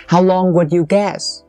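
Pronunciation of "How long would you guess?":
'How long would you guess' is said with rising intonation.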